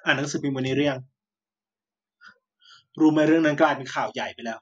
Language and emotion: Thai, neutral